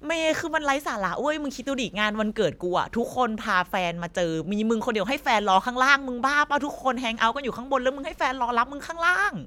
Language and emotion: Thai, angry